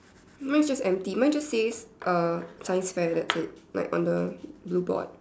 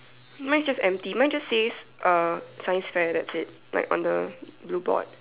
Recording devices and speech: standing microphone, telephone, conversation in separate rooms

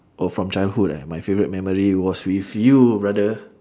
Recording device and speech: standing microphone, conversation in separate rooms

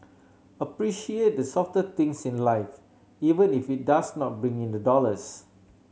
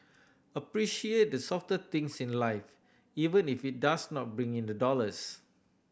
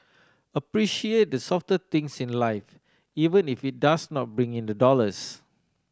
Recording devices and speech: mobile phone (Samsung C7100), boundary microphone (BM630), standing microphone (AKG C214), read sentence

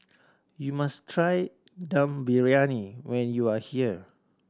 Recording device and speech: standing microphone (AKG C214), read sentence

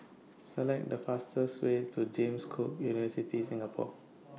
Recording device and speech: mobile phone (iPhone 6), read sentence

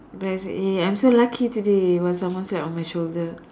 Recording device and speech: standing microphone, conversation in separate rooms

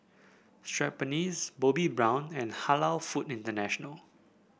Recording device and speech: boundary microphone (BM630), read sentence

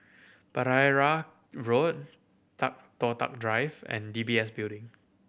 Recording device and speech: boundary microphone (BM630), read sentence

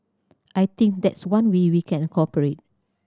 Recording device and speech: standing microphone (AKG C214), read sentence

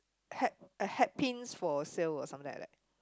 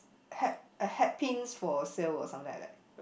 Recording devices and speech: close-talking microphone, boundary microphone, conversation in the same room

